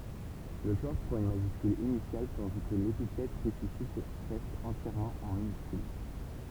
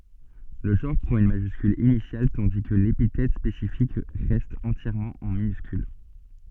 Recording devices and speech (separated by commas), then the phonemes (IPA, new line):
temple vibration pickup, soft in-ear microphone, read sentence
lə ʒɑ̃ʁ pʁɑ̃t yn maʒyskyl inisjal tɑ̃di kə lepitɛt spesifik ʁɛst ɑ̃tjɛʁmɑ̃ ɑ̃ minyskyl